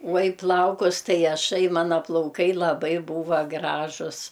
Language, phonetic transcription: Lithuanian, uo i ˈplaukus ˈtai aˈšai ˈmana plauˈkai laˈbai ˈbūva ˈgražus

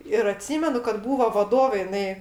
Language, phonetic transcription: Lithuanian, ir aˈtsymenu kad ˈbūvo vaˈdovė jiˈnai

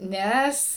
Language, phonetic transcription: Lithuanian, ˈnes

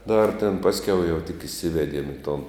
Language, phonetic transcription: Lithuanian, dar tėn ˈpasˌkiau jau tik iˈsivediem i ton

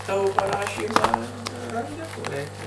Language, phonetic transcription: Lithuanian, ˈtavo paˈrašymą ir ranˈdi ko ˈreikia

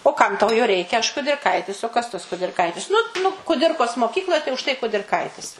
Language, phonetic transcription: Lithuanian, o ˈkam tau jo ˈreikia aš kudirˈkaitis o kas tas kudirˈkaitis ˈnu nu kuˈdirkos moˈkykloj tai už tai kudirˈkaitis

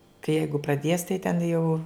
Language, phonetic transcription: Lithuanian, kai ˈjeigu praˈdies tai ten jau

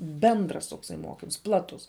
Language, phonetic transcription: Lithuanian, ˈbendras tokˈsai ˈmokims ˈplatus

